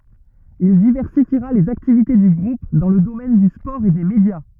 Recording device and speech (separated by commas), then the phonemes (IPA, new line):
rigid in-ear microphone, read sentence
il divɛʁsifiʁa lez aktivite dy ɡʁup dɑ̃ lə domɛn dy spɔʁ e de medja